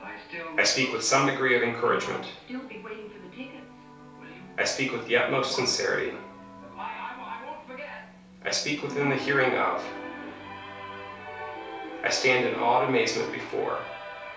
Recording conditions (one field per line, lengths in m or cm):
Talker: one person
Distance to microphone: 3.0 m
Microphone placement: far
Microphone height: 1.8 m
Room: small (3.7 m by 2.7 m)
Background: television